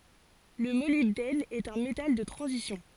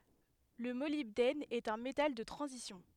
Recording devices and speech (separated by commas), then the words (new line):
forehead accelerometer, headset microphone, read sentence
Le molybdène est un métal de transition.